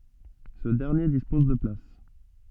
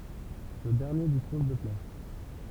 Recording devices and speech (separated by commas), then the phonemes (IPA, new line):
soft in-ear microphone, temple vibration pickup, read sentence
sə dɛʁnje dispɔz də plas